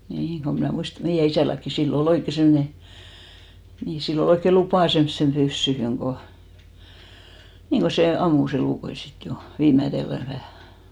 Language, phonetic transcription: Finnish, 'nii , ko mnä̀ 'muist(a) , 'meijä isälläkki , 'sil'l ‿o"l ‿oikke 'semne , nii , 'sil'l ‿ol ‿oikke "lupà semssem 'ʙyssyhyŋ ko , 'niiŋ ko se "ammus ‿elùkoi 'sit 'jo , 'viimätellä vähä̀ .
- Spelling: niin kun minä muistan meidän isälläkin sillä oli oikein semmoinen niin sillä oli oikein lupa semmoiseen pyssyyn kun niin kun se ampui elukoita sitten jo viimeisellä vähän

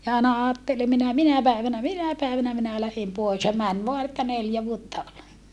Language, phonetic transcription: Finnish, ja àena aattele minä , minä päivänä minä päivänä minä lähem poes » ja män voa että neljä vuotta ol .
- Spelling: ja aina ajatteli minä minä päivänä minä päivänä minä lähden pois ja meni vain että neljä vuotta oli

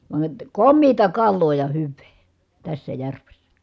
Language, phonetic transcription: Finnish, vaə , kommiita kalloo ja hyv̆vee , tässä järvessä .
- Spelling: vaan komeaa kalaa ja hyvää tässä järvessä

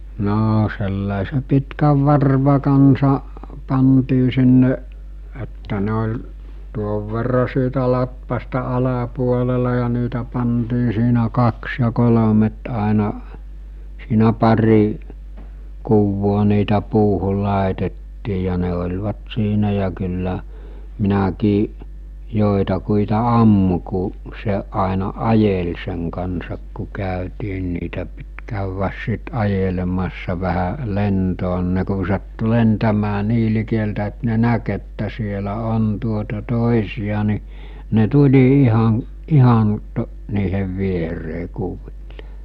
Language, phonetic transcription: Finnish, 'noo sellàise 'pitkäv 'varva kansa , pantii sinne , että ne oĺ , tuov verra siitä 'latvasta 'alapuolela ja niitä pantii siinä 'kaks ja 'kolomet àena , siinä 'pari , 'kuvvoo niitä 'puuhul̆ 'làetettii ja ne oĺvat 'siinä ja kyllä , 'minäkii’ , 'jòetakuita "ammu ku’ , se , ’àena "’ajel seŋ kansak ku 'kä̀ytii (ni) niitä pit käywäs sit 'ajelemassa vähä , 'lentoo nᴵ ne ku sattu 'lentämää 'nii likeltä et ne "näk että sielä 'on tuota 'tòisi₍a ni , ne 'tuĺi 'ihan̬ , 'ihan , to- , niihev 'vieree 'kuvilᴇ .
- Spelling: no sellaisen pitkän varvun kanssa pantiin sinne että ne oli tuon verran siitä latvasta alapuolella ja niitä pantiin siinä kaksi ja kolmet aina siinä pari kuvaa niitä puuhun laitettiin ja ne olivat siinä ja kyllä minäkin joitakuita ammuin kun se aina ajeli sen kanssa kun käytiin niin niitä piti käydä sitten ajelemassa vähän lentoon niin ne kun sattui lentämään niin likeltä että ne näki että siellä on tuota toisia niin ne tuli ihan ihan - niiden viereen kuville

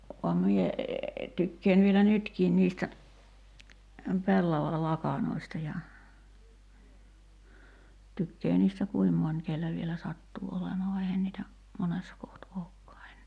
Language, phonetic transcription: Finnish, vam mie , 'tykkeen vielä "nytkiin niistä , 'pellava"lakanoista ja , 'tykkee niistä "kuim moń 'kellä vielä 'sattuu 'olemaa va 'eihän niitä , 'monessa koht 'ookkaa (ennee) .
- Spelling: vaan minä tykkään vielä nytkin niistä pellavalakanoista ja tykkää niistä kuinka moni kenellä vielä sattuu olemaan vaan eihän niitä monessa kohti olekaan enää

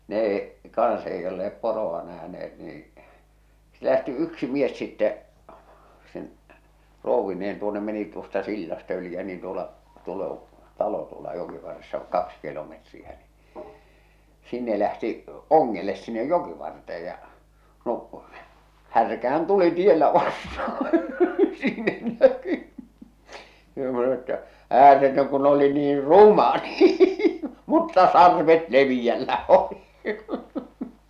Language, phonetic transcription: Finnish, 'nee , 'kaa̰s ei olle₍ep "poro₍a nähne₍et niiḭ , se lähti 'yksi mies sittɛ , sen , 'rouvvineen tuonnem meni tuosta 'sillastᵃ yli ja niin tuola , tuol ‿oo̰ , 'talo tuola 'jokivarressa "kaks kilometriä ni , 'sinne lähti , "oŋŋeles sinnej "jokivarte₍ej ja , no , 'härkähän "tuli 'tiellä vastahᴀ , sinnen näky , joo (sano e)ttä , » 'ääretön kun oli niir "ruma nii , mutta "sarvet "leviʲällä oli « .
- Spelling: ne kanssa ei olleet poroa nähneet niin se lähti yksi mies sitten sen rouvineen tuonne meni tuosta sillasta yli ja niin tuolla tuolla on talo tuolla jokivarressa kaksi kilometriä niin sinne lähti ongelle sinne jokivarteen ja no härkähän tuli tiellä vastaan sinne näkyi joo sanoi että ääretön kun oli niin ruma niin mutta sarvet leveällä oli

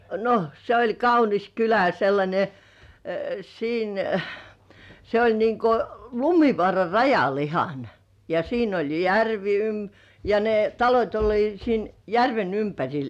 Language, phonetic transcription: Finnish, no , se oĺ "kaunis 'kylä (ja) sellańe , "siin , se oĺ niŋko "Lumi̳§vŏàra 'rajal ihan , ja siin ‿oĺ järvi ym- , ja ne talot́ oĺliit siin "järven 'ympäŕil .
- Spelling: no se oli kaunis kylä ja sellainen siinä se oli niin kuin Lumivaaran rajalla ihan ja siinä oli järvi - ja ne talot olivat siinä järven ympärillä

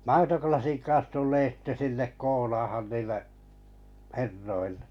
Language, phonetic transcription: Finnish, maitoklasiŋ 'kaa̰s tullee sitte sinnek 'koolaahan niille’ , "herroiʟʟᴇ .
- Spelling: maitolasin kanssa tulee sitten sinne koolaamaan niille herroille

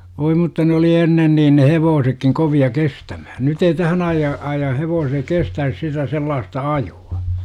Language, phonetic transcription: Finnish, voi mutta ne oli 'ennen niin ne "hevoosekkiŋ 'kovi₍a "kestämäh§n 'nyt ‿ei "tähän aijja- , aijjah 'hevoosek 'kestäis sitä sellaasta "aju₍A .
- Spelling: voi mutta ne oli ennen niin ne hevosetkin kovia kestämään nyt ei tähän - ajan hevoset kestäisi sitä sellaista ajoa

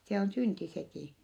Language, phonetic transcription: Finnish, se on synti sekì .
- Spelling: se on synti sekin

